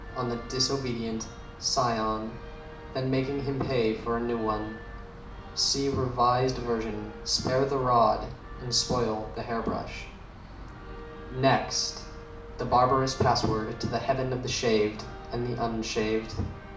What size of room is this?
A mid-sized room (about 5.7 m by 4.0 m).